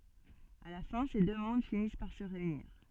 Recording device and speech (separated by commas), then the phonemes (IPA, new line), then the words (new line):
soft in-ear microphone, read sentence
a la fɛ̃ se dø mɔ̃d finis paʁ sə ʁeyniʁ
À la fin, ces deux mondes finissent par se réunir.